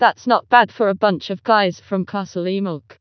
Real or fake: fake